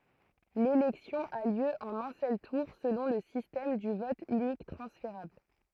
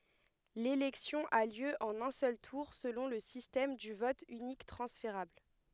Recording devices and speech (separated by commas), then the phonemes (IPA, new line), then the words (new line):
throat microphone, headset microphone, read sentence
lelɛksjɔ̃ a ljø ɑ̃n œ̃ sœl tuʁ səlɔ̃ lə sistɛm dy vɔt ynik tʁɑ̃sfeʁabl
L'élection a lieu en un seul tour selon le système du vote unique transférable.